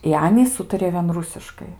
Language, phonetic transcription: Lithuanian, i ˈanys ˈūtarijo vien ˈrusiškai

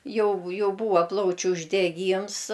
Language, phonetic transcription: Lithuanian, ˈjau ˈjau ˈbūva ˈplaučiu uždeˈgyms

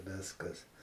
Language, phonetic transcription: Lithuanian, ˈviskas

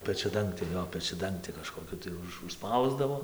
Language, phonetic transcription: Lithuanian, pečiaˈdangtė ˈjo pečiaˈdangti kažkoˈkiu tai ˈuž užˈspausdavo

